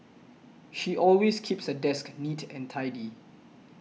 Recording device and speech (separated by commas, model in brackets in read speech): mobile phone (iPhone 6), read sentence